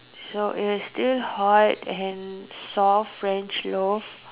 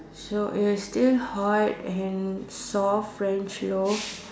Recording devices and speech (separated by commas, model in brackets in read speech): telephone, standing microphone, conversation in separate rooms